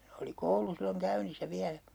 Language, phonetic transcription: Finnish, oli "koulu 'silloŋ "käynissä 'viälä .
- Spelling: oli koulu silloin käynnissä vielä

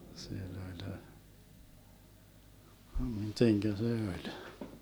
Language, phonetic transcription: Finnish, 'sill ‿oĺ , 'miteŋkä se 'oĺ ?
- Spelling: sillä oli miten se oli

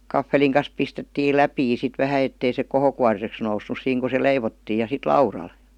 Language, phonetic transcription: Finnish, 'kaffeliŋ kan̬s pistettiil "läpii sit 'vähä ettei se 'kohokuariseks noussus 'siiŋ ku se "leivottii ja 'sit "laural .
- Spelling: kahvelin kanssa pistettiin läpiä sitten vähän että ei se kohokuoriseksi noussut siinä kun se leivottiin ja sitten laudalle

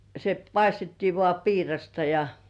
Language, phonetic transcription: Finnish, se 'paistettii vŏà "piirasta ja ,.
- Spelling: se paistettiin vain piirasta ja

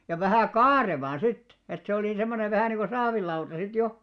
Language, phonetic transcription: Finnish, ja 'vähä̀ "karevàn sit , et se olì 'semmonev vähä niiŋɢo "saavil'lauta sit 'jo .
- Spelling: ja vähän kaarevaan sitten että se oli semmoinen vähä niin kuin saavilauta sitten jo

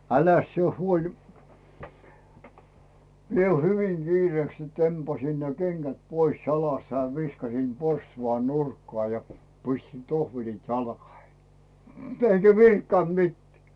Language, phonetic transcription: Finnish, 'äläs sie 'huoli , 'mie 'hyviŋ 'Giireeks sit 'tempasin ne 'kenGät 'pois 'jalast ja 'viskasim "porstuvan 'nurkkᵒà ja , 'piśtin "tohvelit 'jalkahei 'eŋGä "virkkant mitteᵃ̈ .
- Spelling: äläs sinä huoli minä hyvin kiireeksi sitten tempasin ne kengät pois jalasta ja viskasin porstuan nurkkaan ja pistin tohvelit jalkoihini enkä virkkannut mitään

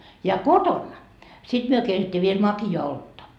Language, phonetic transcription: Finnish, ja "kotonna , 'sit myö keitet́t́ii viel 'maki₍aa 'oltta .
- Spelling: ja kotona sitten me keitettiin vielä makeaa olutta

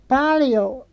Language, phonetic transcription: Finnish, paaljo .
- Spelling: paljon

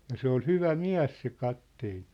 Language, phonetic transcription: Finnish, ja 'se ‿ol "hyvä "miä̭s se 'katteen̬ .
- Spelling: ja se oli hyvä mies se kapteeni

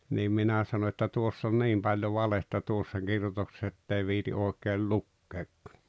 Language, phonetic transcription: Finnish, niim 'minä sano että » 'tuoss ‿on "niim paĺjo 'valetta 'tuossa 'kirjotokses's ‿ettei viiti '’ooᵉkeel "lukkeekkᴀ « .
- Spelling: niin minä sanoin että tuossa on niin paljon valetta tuossa kirjoituksessa että ei viitsi oikein lukeakaan

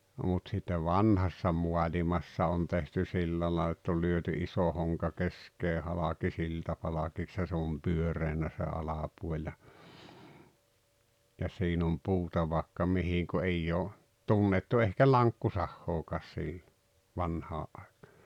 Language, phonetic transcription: Finnish, mut sitte "vanhassa 'mualimassa on tehty "sillä làel ‿ett ‿ol lyöty 'iso hoŋka "kesk̀ee 'halaki "siltapalakiks ja se om "pyöreenä se 'alapuol ja , ja 'siin ‿om "puuta vaakka 'mihiŋ ku 'eijj ‿oo , "tunnettu ehkä "laŋkkusahhookaas siillo , 'vanhaa’ ’aekᴀᴀ .
- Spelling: mutta sitten vanhassa maailmassa on tehty sillä lailla että oli lyöty iso honka keskeen halki siltapalkiksi ja se on pyöreänä se alapuoli ja ja siinä on puuta vaikka mihin kun ei ole tunnettu ehkä lankkusahaakaan silloin vanhaan aikaan

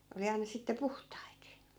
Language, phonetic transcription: Finnish, oli 'aina sitte "puhtait .
- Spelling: oli aina sitten puhtaita

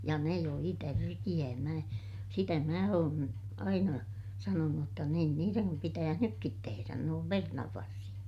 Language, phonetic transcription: Finnish, ja ne joi tärkiʲää - mä , sitä mää oon , aina , sanonuj jotta niin niireŋkim pitääh nykkit teherän nuollem pernavvarsil(le) .
- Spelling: ja ne joi tärkeää minä sitä minä olen aina sanonut jotta niin niidenkin pitäisi nytkin tehdä noille perunanvarsille

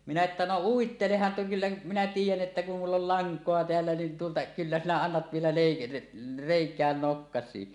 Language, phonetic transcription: Finnish, minä että » no "uitteleh̳a̳ « ’että » kyllä minä "tiij̆jän '’että kum mull ‿ol "laŋk̀oa 'teällä nin tuota , 'kyllä sinä 'annat vielä lèi- , 'rèik̀ään "nokkas̆sii « .
- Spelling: minä että no uittelehan että kyllä minä tiedän että kun minulla oli lankaa täällä niin tuota kyllä sinä annat vielä - reikään nokkasikin

